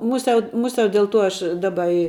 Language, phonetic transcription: Lithuanian, ˈmusiau ˈmusiau del ˈtuo ˈaš ˈdaba i

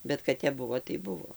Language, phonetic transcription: Lithuanian, ˈbet kad ˈtep ˈbuvo tai ˈbuvo

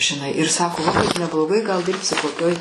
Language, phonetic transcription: Lithuanian, žiˈnai ir ˈsako laˈbai nebloˈgai gal ˈdirbsi koˈkioj

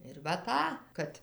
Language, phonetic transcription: Lithuanian, ir va ˈtą ˈkad

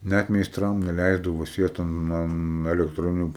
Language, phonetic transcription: Lithuanian, ˈnæt meisˈtram neˈlæisdavo ˈsiest an ˈan elektˈroniniu

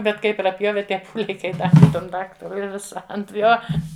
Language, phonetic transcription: Lithuanian, ˈbet ˈkai praˈpjove ˈtie ˈpūliai kai ˈdavi ˈtam ˈdaktarui i ˈvisa ant ˈjo

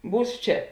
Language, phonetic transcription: Lithuanian, ˈbūs ˈčia

